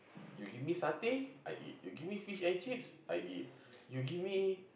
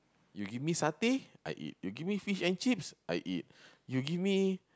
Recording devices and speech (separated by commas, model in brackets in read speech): boundary microphone, close-talking microphone, conversation in the same room